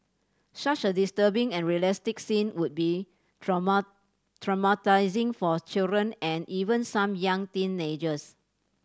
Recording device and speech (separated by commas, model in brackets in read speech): standing microphone (AKG C214), read sentence